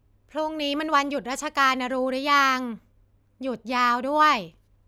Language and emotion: Thai, frustrated